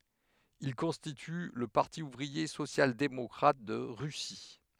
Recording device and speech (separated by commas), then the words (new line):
headset microphone, read sentence
Ils constituent le Parti ouvrier social-démocrate de Russie.